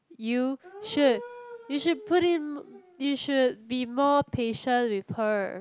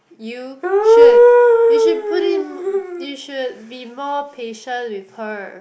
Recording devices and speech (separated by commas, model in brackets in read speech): close-talking microphone, boundary microphone, conversation in the same room